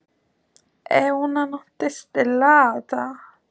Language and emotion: Italian, fearful